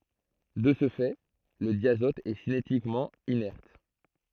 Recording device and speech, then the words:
throat microphone, read sentence
De ce fait, le diazote est cinétiquement inerte.

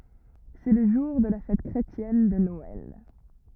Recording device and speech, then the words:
rigid in-ear microphone, read sentence
C'est le jour de la fête chrétienne de Noël.

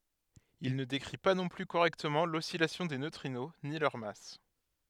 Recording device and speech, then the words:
headset microphone, read sentence
Il ne décrit pas non plus correctement l'oscillation des neutrinos ni leur masse.

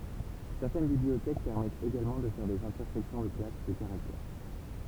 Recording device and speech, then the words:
temple vibration pickup, read sentence
Certaines bibliothèques permettent également de faire des intersections de classes de caractères.

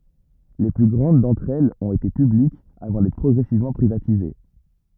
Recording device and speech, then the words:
rigid in-ear microphone, read sentence
Les plus grandes d’entre elles ont été publiques avant d’être progressivement privatisées.

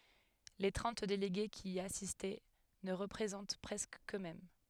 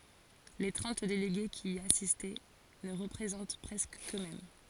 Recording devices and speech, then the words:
headset microphone, forehead accelerometer, read sentence
Les trente délégués qui y assistent ne représentent presque qu'eux-mêmes.

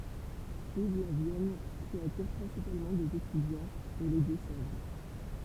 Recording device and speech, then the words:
temple vibration pickup, read sentence
Suivent la Vienne, qui attire principalement des étudiants, et les Deux-Sèvres.

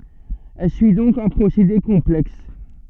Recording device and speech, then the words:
soft in-ear microphone, read sentence
Elle suit donc un procédé complexe.

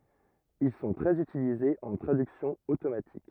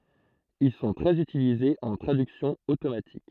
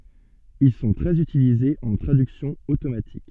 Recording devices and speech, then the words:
rigid in-ear microphone, throat microphone, soft in-ear microphone, read sentence
Ils sont très utilisés en traduction automatique.

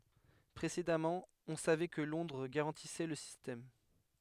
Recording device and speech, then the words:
headset microphone, read sentence
Précédemment, on savait que Londres garantissait le système.

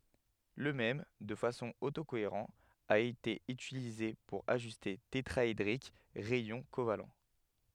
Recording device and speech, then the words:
headset microphone, read sentence
Le même, de façon auto-cohérent a été utilisée pour ajuster tétraédrique rayons covalents.

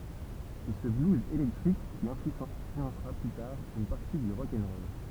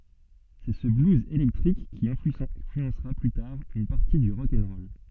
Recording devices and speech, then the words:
temple vibration pickup, soft in-ear microphone, read sentence
C'est ce blues électrique qui influencera, plus tard, une partie du rock 'n' roll.

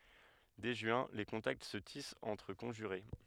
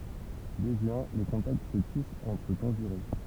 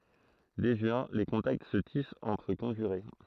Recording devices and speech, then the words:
headset microphone, temple vibration pickup, throat microphone, read sentence
Dès juin, les contacts se tissent entre conjurés.

